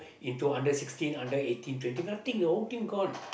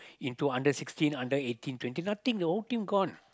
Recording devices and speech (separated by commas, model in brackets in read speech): boundary microphone, close-talking microphone, conversation in the same room